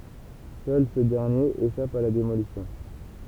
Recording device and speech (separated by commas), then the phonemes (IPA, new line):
temple vibration pickup, read sentence
sœl sə dɛʁnjeʁ eʃap a la demolisjɔ̃